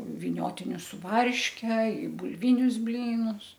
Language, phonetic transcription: Lithuanian, viˈniotinius su ˈvarške i bulˈvinius ˈblynus

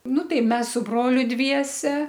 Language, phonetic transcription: Lithuanian, ˈnu ˈtai ˈmes su ˈbroliu ˈdviese

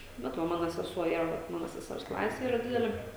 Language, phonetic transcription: Lithuanian, ˈbet va ˈmano seˈsuo ˈyra vat ˈmano seˈsers ˈklase ˈyra ˈdidelė

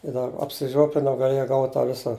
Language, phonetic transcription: Lithuanian, i dar apsiˈžiuoplinau gaˈlėja ˈgaut' tą ˈvisa

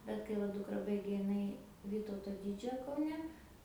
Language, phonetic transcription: Lithuanian, bet kai ˈva ˈdukra ˈbaigė iˈnai ˈvytauto ˈdydžiojo kauˈne

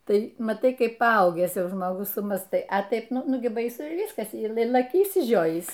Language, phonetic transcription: Lithuanian, ˈtai maˈtai ˈkaip paˈaugęs ˈjau žmoˈgus sumąstai a ˈtaip ˈnu ˈnu gi baiˈsu i ˈvyskas y ˈla laˈkiu išsiˈžiojįs

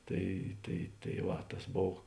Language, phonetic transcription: Lithuanian, ˈtai tai tai ˈva tas ˈbov

